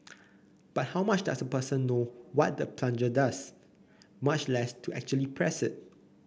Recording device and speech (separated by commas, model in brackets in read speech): boundary microphone (BM630), read sentence